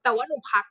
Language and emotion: Thai, frustrated